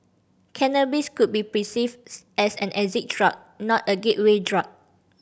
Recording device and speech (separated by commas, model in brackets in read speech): boundary microphone (BM630), read sentence